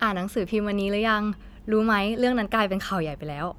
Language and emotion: Thai, neutral